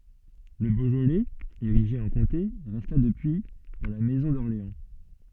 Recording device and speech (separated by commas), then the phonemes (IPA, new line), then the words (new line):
soft in-ear microphone, read sentence
lə boʒolɛz eʁiʒe ɑ̃ kɔ̃te ʁɛsta dəpyi dɑ̃ la mɛzɔ̃ dɔʁleɑ̃
Le Beaujolais, érigé en comté, resta depuis dans la maison d'Orléans.